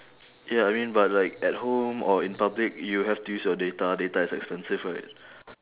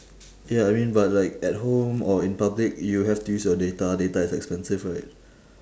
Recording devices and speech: telephone, standing microphone, conversation in separate rooms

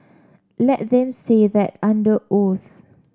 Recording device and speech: standing microphone (AKG C214), read sentence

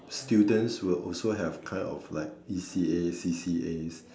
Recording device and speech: standing microphone, conversation in separate rooms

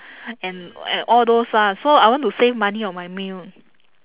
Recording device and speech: telephone, conversation in separate rooms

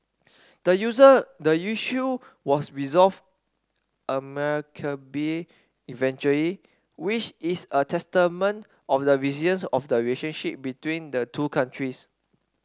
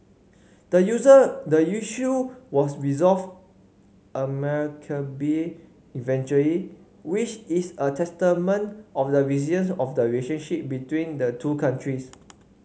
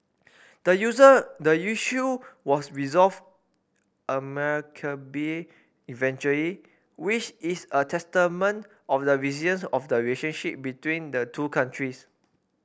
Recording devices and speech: standing microphone (AKG C214), mobile phone (Samsung C5), boundary microphone (BM630), read sentence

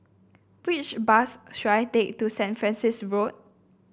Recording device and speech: boundary microphone (BM630), read sentence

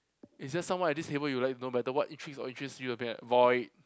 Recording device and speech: close-talking microphone, conversation in the same room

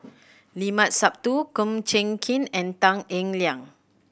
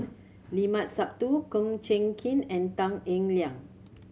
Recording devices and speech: boundary microphone (BM630), mobile phone (Samsung C7100), read sentence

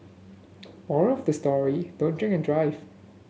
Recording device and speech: mobile phone (Samsung S8), read sentence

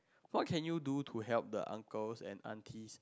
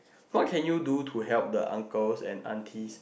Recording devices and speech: close-talking microphone, boundary microphone, conversation in the same room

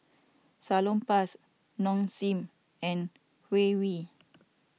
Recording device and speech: mobile phone (iPhone 6), read sentence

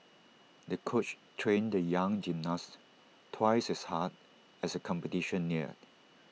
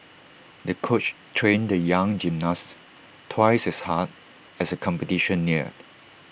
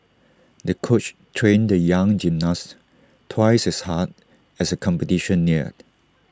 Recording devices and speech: mobile phone (iPhone 6), boundary microphone (BM630), standing microphone (AKG C214), read sentence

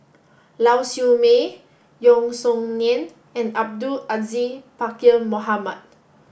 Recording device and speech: boundary microphone (BM630), read sentence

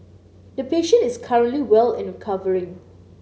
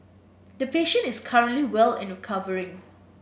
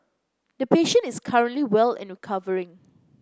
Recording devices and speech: mobile phone (Samsung C9), boundary microphone (BM630), close-talking microphone (WH30), read sentence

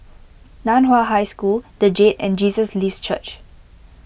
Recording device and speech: boundary microphone (BM630), read sentence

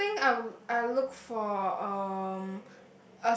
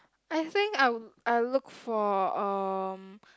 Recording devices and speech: boundary microphone, close-talking microphone, conversation in the same room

